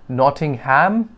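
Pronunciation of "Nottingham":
'Nottingham' is pronounced incorrectly here.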